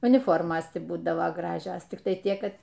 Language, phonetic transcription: Lithuanian, uniˈformos ˈti ˈbūdavo ˈgražios tikˈtai ˈtiek ˈkad

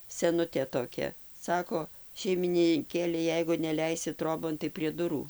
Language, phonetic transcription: Lithuanian, seˈnutė toˈkia ˈsako šeimininˈkėle ˈjeigu neˈleisi ˈtrobon tai prie ˈdurų

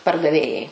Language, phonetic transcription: Lithuanian, pardaˈvėjai

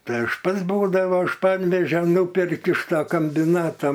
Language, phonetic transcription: Lithuanian, ˈtai ˈaš ˈpats ˈbūdavo iš ˈpanvežio ˈnūperki iš ta kambiˈnata

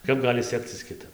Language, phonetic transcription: Lithuanian, ˈkap ˈgali ˈsekcis kiˈtap

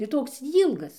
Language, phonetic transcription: Lithuanian, ir ˈtoks ˈylgas

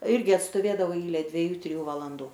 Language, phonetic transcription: Lithuanian, ˈirgi atstoˈvėdavau ˈeile dvieˈjų triˈjų valanˈdų

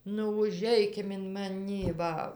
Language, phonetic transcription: Lithuanian, nu uˈžeikim in maˈnį ˈva

